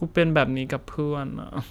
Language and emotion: Thai, sad